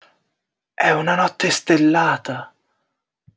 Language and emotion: Italian, surprised